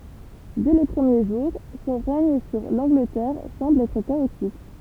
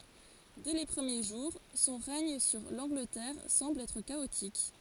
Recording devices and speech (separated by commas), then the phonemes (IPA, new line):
temple vibration pickup, forehead accelerometer, read sentence
dɛ le pʁəmje ʒuʁ sɔ̃ ʁɛɲ syʁ lɑ̃ɡlətɛʁ sɑ̃bl ɛtʁ kaotik